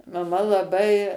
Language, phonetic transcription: Lithuanian, maˈma laˈbai

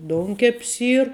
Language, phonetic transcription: Lithuanian, ˈdounkep's ˈyr

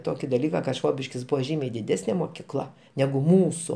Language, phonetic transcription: Lithuanian, ˈtoki daˈlyka ka ˈšvobiškis ˈbuvo ˈžymiai diˈdesnė mokyˈkla negu ˈmūsu

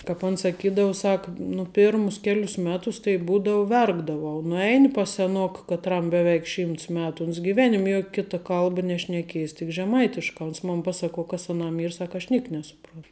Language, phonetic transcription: Lithuanian, kāp ˈan saˈkydau ˈsak nu ˈpėrmus ˈkelius ˈmetus tai ˈbūdau ˈverkdavau nuˈeini pas seˈnoka katˈram beˈveik ˈšymts ˈmetu uns giˈvenim' ˈjok ˈkita ˈkalba nešneˈkiejis tik žeˈmaitiškā ons ˈmon ˈpasaˌkuo ˈkas aˈnam ˈyr ˈsak aš ˈniek nesuˈpron

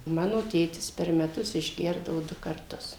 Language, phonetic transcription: Lithuanian, ˈmano ˈtėtis per meˈtus išˈgerdavo ˈdu karˈtus

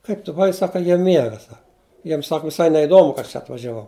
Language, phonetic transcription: Lithuanian, ˈkaip tu buˈvai ˈsaka ˈjie ˈmiega ˈsak ˈjiem ˈsak viˈsai neiˈdomu ka ˈaš čia atvažiaˈvau

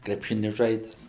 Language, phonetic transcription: Lithuanian, krepˈšini ˈžaides

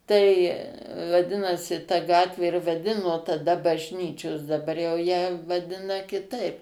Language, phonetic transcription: Lithuanian, tai vaˈdinosi ta ˈgatvė ir vaˈdino taˈda bažˈnyčios daˈbar jau ją vaˈdina kiˈtaip

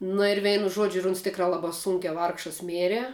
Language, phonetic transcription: Lithuanian, nu ir ˈveinu ˈžuodžiu ir uns ˈtikrā ˈlabā ˈsunkiā ˈvargšas ˈmėre

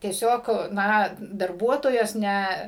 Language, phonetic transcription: Lithuanian, tieˈsiog ˈna darˈbuotojos ˈne

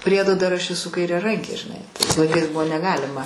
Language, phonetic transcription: Lithuanian, ˈpriedo dar ˈaš eˈsu kairiaˈrankė žiˈnai tais laiˈkais ˈbuvo neˈgalima

